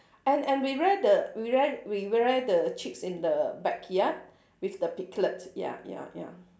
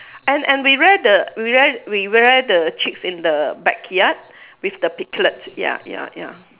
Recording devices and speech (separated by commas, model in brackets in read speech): standing microphone, telephone, conversation in separate rooms